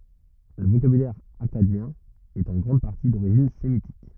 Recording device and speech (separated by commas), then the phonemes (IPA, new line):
rigid in-ear microphone, read sentence
lə vokabylɛʁ akkadjɛ̃ ɛt ɑ̃ ɡʁɑ̃d paʁti doʁiʒin semitik